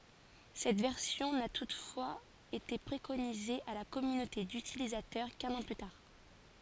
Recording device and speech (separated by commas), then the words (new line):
forehead accelerometer, read sentence
Cette version n'a toutefois été préconisée à la communauté d'utilisateurs qu'un an plus tard.